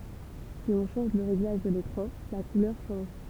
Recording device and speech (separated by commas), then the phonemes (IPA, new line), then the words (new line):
temple vibration pickup, read sentence
si ɔ̃ ʃɑ̃ʒ lə ʁeɡlaʒ də lekʁɑ̃ la kulœʁ ʃɑ̃ʒ
Si on change le réglage de l'écran, la couleur change.